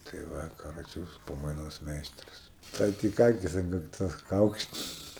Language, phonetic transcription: Lithuanian, tai ˈva kaˈroče ˈjūsu pamaiˈnos ˈmeistras ˈtai tik ˈakis an kakˈtos ˈkaukšt

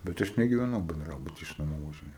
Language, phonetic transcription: Lithuanian, bet ˈaš negyveˈnau benˈdrabuty iš naˈmų važiˈnėjau

